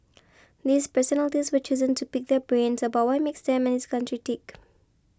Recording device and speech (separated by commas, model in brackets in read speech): close-talking microphone (WH20), read sentence